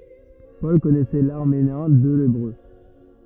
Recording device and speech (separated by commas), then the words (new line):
rigid in-ear microphone, read sentence
Paul connaissait l'araméen et l'hébreu.